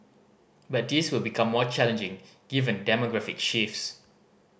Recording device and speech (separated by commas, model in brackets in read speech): boundary microphone (BM630), read sentence